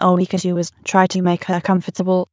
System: TTS, waveform concatenation